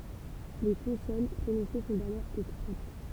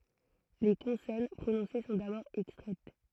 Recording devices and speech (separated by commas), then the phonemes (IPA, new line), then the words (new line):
temple vibration pickup, throat microphone, read sentence
le kɔ̃sɔn pʁonɔ̃se sɔ̃ dabɔʁ ɛkstʁɛt
Les consonnes prononcées sont d'abord extraites.